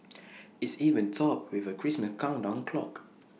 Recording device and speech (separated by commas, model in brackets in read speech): mobile phone (iPhone 6), read sentence